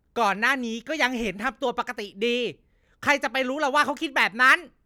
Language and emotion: Thai, angry